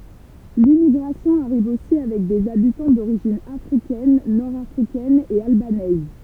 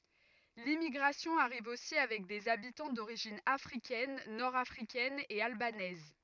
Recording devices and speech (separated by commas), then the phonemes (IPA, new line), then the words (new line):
temple vibration pickup, rigid in-ear microphone, read sentence
limmiɡʁasjɔ̃ aʁiv osi avɛk dez abitɑ̃ doʁiʒin afʁikɛn nɔʁ afʁikɛn e albanɛz
L'immigration arrive aussi avec des habitants d'origine africaine, nord africaine et albanaise.